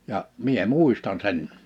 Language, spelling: Finnish, ja minä muistan sen
- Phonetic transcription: 'ja , 'mie "mùistan 'sen .

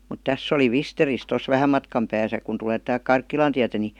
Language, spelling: Finnish, mutta tässä oli Visterissä tuossa vähän matkan päässä kun tulee - Karkkilan tietä niin
- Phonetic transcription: mut 'täss ‿oli "Visteris tos "vähäm matkam pääsä kun tulee (täälk) "Karkkilan tiätä ni ,.

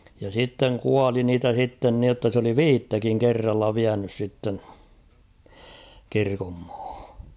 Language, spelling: Finnish, ja sitten kuoli niitä sitten niin jotta se oli viittäkin kerralla vienyt sitten kirkonmaahan
- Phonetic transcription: ja sitteŋ "kuali niitä sitten niotta s ‿oli "viittäkiŋ 'kerralla 'viänys sitten̬ , 'kirkommᴀᴀhᴀ .

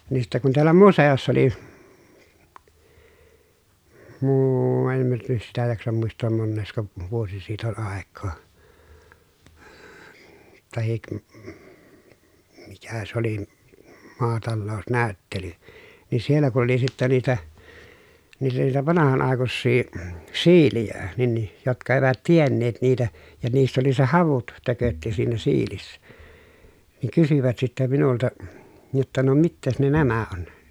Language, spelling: Finnish, niin sitten kun täällä museossa oli - en minä - niin sitä jaksa muistaa monesko vuosi siitä oli aikaa tai mikä se oli maatalousnäyttely niin siellä kun oli sitten niitä niitä niitä vanhan aikuisia siilejä niin niin jotka eivät tienneet niitä ja niissä oli se havut tökötti siinä siilissä niin kysyvät sitten minulta jotta no mitäs ne nämä on
- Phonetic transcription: nin sittɛ kun tiällä muse₍ossa oli , muuu- en (min ‿t niis) sitä jaksam muist̀oom monneesko , vuosi siit ‿ol àek̆koo , tahik , mikä s ‿oli , maatallòu̬snä̀y̬ttely , ni siellä ku oli sittä niitä , niitä niitä vanahan àekussii , siilijä , nin ni , jotka evät tienneet niitä , ja niissä oli se havut , tökötti siinä siilissä , niiŋ kysyvät sittä minulta , jotta » no mittees ne nämä on ? »

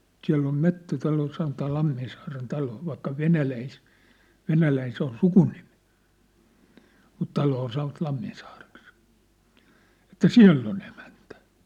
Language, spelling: Finnish, siellä on metsätalo sanotaan Lamminsaaren talo vaikka - Venäläinen se on sukunimi mutta taloa sanovat Lamminsaareksi että siellä on emäntä
- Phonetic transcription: » 'siä̭ll ‿om "mettätalo sanotaa 'ʟamminsaaren 'talo , vaikka "Venäläis- , "Venäläin se ‿on "sukunimɪ , mut 'taloo san̆ŏvat 'Lamminsaareks « , että » "siä̭ll ‿on ‿emäntᴀ̈ .

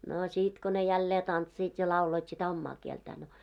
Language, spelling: Finnish, no sitten kun ne jälleen tanssivat ja lauloivat sitä omaa kieltään no
- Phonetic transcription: no 'sit ko ne 'jällee 'tantsiit ja 'lauloit sitä "ommaa 'kieltää no .

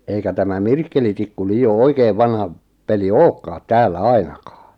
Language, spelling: Finnish, eikä tämä mirkkelitikku liioin oikein vanha peli olekaan täällä ainakaan
- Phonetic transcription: 'eikä tämä "mirkkelitikku 'lii₍o "oikeev "vanha , 'peli "ookkaat 'täällä "ainakaa .

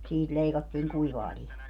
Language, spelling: Finnish, siitä leikattiin kuivaa lihaa
- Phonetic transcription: 'siit 'leikattiiŋ "kuivaa 'lihaa .

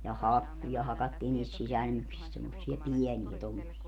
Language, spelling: Finnish, ja hakkuja hakattiin niistä sisälmyksistä semmoisia pieniä tuommoisia
- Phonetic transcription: ja "hakkuja 'hakattiin niist 'sisälmyksist semmossia "piɛniä tommosia .

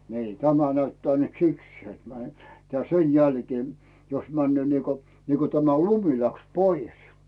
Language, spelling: Finnish, niin tämä näyttää nyt sikseen tämä - sen jälkeen jos menee niin kuin niin kuin tämä lumi lähti pois
- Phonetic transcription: nii , 'tämä näyttää nyt "siksee tᵐᵃ̈ , -tä 'sen jälkee , jos 'männyö̀ niiko , niiko tämä "lumi läks 'poi₍es .

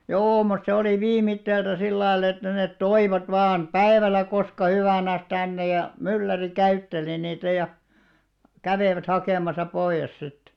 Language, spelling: Finnish, joo mutta se oli viimeiseltä sillä lailla että ne toivat vain päivällä koska hyvänsä tänne ja mylläri käytteli niitä ja kävivät hakemassa pois sitten
- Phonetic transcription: joo mut se oli "viimitteeltä 'sillail ‿että net "toivat 'vaan , "päevällä 'koska hyvä̀näs 'tänne ja , 'mylläri 'käytteli niitä ja , 'kävèvät 'hakèmasa 'poiʲes sittᴇ .

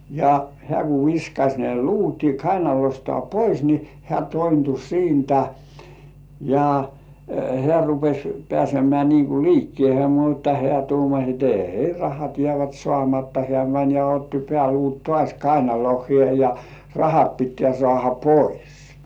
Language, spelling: Finnish, ja hän kun viskasi ne luut kainalostaan pois niin hän tointui siitä ja hän rupesi pääsemään niin kuin liikkeeseen mutta hän tuumasi että ei rahat jäävät saamatta hän meni ja otti pääluut taas kainaloihinsa ja rahat pitää saada pois
- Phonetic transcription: ja hĕä̀ ku 'viskaś ne "luuti 'kainalostŏà "pois ni , 'hĕä̀ tointu "siintä , ja , hĕä̀ rupes̜ 'pĕä̀semĕä niiŋ ku "liikkĭèhe mutta hĕä̀ tuumaś et » "èi 'rahat jĕä̀vät 'sŏàmatta « hĕä̀ mäń ja otti 'peäluut "tŏàś 'kainalohhĭè ja , "rahat pittĕä̀§ 'sŏàha "pois .

